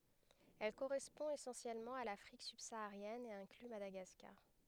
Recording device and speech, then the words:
headset microphone, read sentence
Elle correspond essentiellement à l'Afrique subsaharienne et inclut Madagascar.

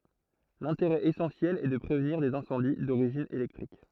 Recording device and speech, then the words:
throat microphone, read sentence
L'intérêt essentiel est de prévenir des incendies d'origine électrique.

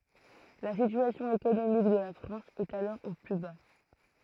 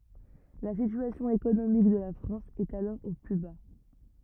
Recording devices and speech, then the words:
throat microphone, rigid in-ear microphone, read sentence
La situation économique de la France est alors au plus bas.

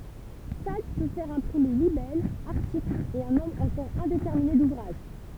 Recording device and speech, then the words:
temple vibration pickup, read sentence
Sade peut faire imprimer libelles, articles, et un nombre encore indéterminé d'ouvrages.

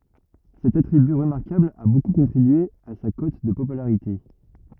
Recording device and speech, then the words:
rigid in-ear microphone, read sentence
Cet attribut remarquable a beaucoup contribué à sa cote de popularité.

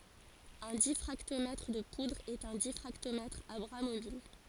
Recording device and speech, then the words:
forehead accelerometer, read sentence
Un diffractomètre de poudres est un diffractomètre à bras mobiles.

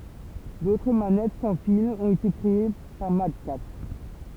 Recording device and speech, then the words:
temple vibration pickup, read sentence
D'autres manettes sans fils ont été créées par MadCatz.

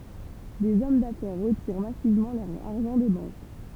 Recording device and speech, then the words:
temple vibration pickup, read sentence
Des hommes d'affaires retirent massivement leur argent des banques.

